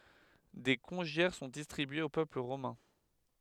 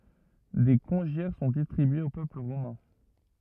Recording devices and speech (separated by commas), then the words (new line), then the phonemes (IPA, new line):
headset microphone, rigid in-ear microphone, read sentence
Des congiaires sont distribués au peuple romain.
de kɔ̃ʒjɛʁ sɔ̃ distʁibyez o pøpl ʁomɛ̃